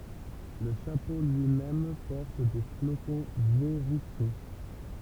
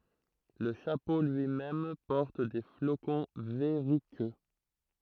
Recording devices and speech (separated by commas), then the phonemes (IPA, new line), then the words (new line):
temple vibration pickup, throat microphone, read sentence
lə ʃapo lyimɛm pɔʁt de flokɔ̃ vɛʁykø
Le chapeau lui-même porte des flocons verruqueux.